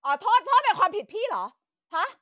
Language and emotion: Thai, angry